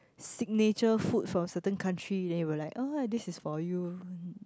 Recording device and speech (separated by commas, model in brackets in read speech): close-talking microphone, conversation in the same room